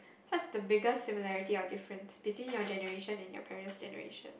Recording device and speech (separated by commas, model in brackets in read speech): boundary microphone, conversation in the same room